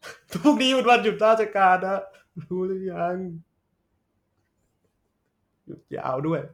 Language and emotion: Thai, sad